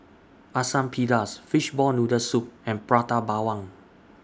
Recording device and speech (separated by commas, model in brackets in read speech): standing microphone (AKG C214), read sentence